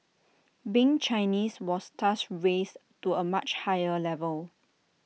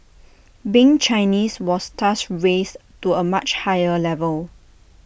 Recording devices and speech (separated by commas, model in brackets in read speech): mobile phone (iPhone 6), boundary microphone (BM630), read sentence